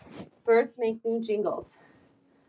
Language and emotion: English, surprised